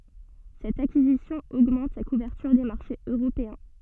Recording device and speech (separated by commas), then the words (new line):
soft in-ear microphone, read sentence
Cette acquisition augmente sa couverture des marchés européens.